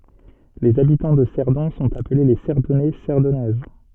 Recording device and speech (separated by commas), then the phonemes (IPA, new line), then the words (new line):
soft in-ear microphone, read sentence
lez abitɑ̃ də sɛʁdɔ̃ sɔ̃t aple le sɛʁdɔnɛ sɛʁdɔnɛz
Les habitants de Cerdon sont appelés les Cerdonnais, Cerdonnaises.